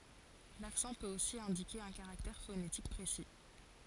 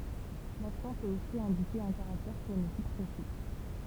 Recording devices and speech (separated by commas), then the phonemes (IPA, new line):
forehead accelerometer, temple vibration pickup, read sentence
laksɑ̃ pøt osi ɛ̃dike œ̃ kaʁaktɛʁ fonetik pʁesi